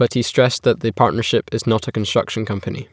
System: none